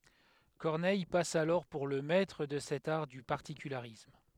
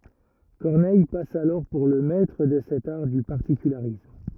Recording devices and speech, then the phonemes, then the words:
headset microphone, rigid in-ear microphone, read sentence
kɔʁnɛj pas alɔʁ puʁ lə mɛtʁ də sɛt aʁ dy paʁtikylaʁism
Corneille passe alors pour le maître de cet art du particularisme.

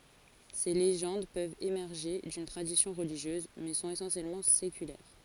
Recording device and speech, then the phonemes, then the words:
forehead accelerometer, read sentence
se leʒɑ̃d pøvt emɛʁʒe dyn tʁadisjɔ̃ ʁəliʒjøz mɛ sɔ̃t esɑ̃sjɛlmɑ̃ sekylɛʁ
Ces légendes peuvent émerger d'une tradition religieuse, mais sont essentiellement séculaires.

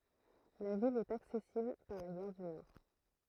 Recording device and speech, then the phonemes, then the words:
throat microphone, read sentence
la vil ɛt aksɛsibl paʁ la ɡaʁ dy nɔʁ
La ville est accessible par la gare du Nord.

